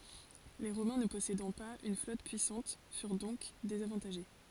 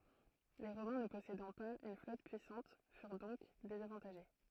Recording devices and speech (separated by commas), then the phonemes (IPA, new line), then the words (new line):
forehead accelerometer, throat microphone, read sentence
le ʁomɛ̃ nə pɔsedɑ̃ paz yn flɔt pyisɑ̃t fyʁ dɔ̃k dezavɑ̃taʒe
Les Romains ne possédant pas une flotte puissante furent donc désavantagés.